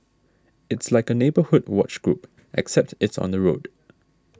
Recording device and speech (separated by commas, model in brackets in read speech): standing microphone (AKG C214), read sentence